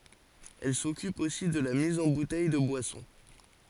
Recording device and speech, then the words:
forehead accelerometer, read sentence
Elle s'occupe aussi de la mise en bouteilles de boissons.

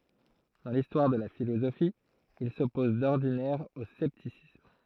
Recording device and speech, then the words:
throat microphone, read sentence
Dans l'histoire de la philosophie, il s'oppose d'ordinaire au scepticisme.

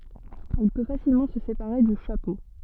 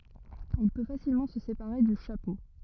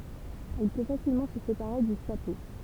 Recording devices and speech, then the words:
soft in-ear microphone, rigid in-ear microphone, temple vibration pickup, read sentence
Il peut facilement se séparer du chapeau.

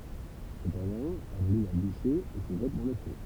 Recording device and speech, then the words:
temple vibration pickup, read sentence
Cependant, elle allume un bûcher et se jette dans le feu.

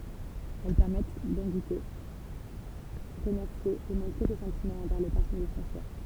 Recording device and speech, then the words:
temple vibration pickup, read sentence
Elles permettent d'inviter, remercier et montrer ses sentiments envers les personnes de son choix.

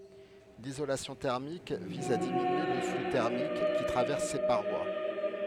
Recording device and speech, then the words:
headset microphone, read sentence
L'isolation thermique vise à diminuer le flux thermique qui traverse ses parois.

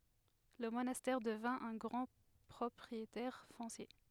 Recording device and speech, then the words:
headset microphone, read sentence
Le monastère devint un grand propriétaire foncier.

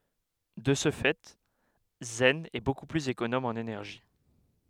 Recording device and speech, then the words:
headset microphone, read sentence
De ce fait, Zen est beaucoup plus économe en énergie.

